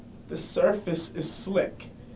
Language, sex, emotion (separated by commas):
English, male, neutral